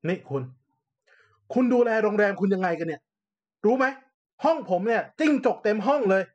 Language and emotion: Thai, angry